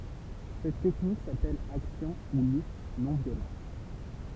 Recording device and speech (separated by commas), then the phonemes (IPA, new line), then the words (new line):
temple vibration pickup, read sentence
sɛt tɛknik sapɛl aksjɔ̃ u lyt nɔ̃ vjolɑ̃t
Cette technique s’appelle action ou lutte non violente.